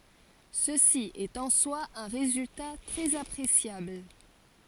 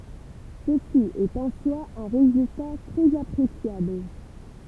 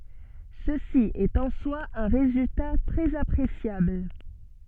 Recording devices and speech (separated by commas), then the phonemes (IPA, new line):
forehead accelerometer, temple vibration pickup, soft in-ear microphone, read sentence
səsi ɛt ɑ̃ swa œ̃ ʁezylta tʁɛz apʁesjabl